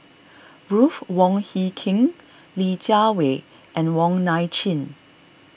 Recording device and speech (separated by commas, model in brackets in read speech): boundary microphone (BM630), read sentence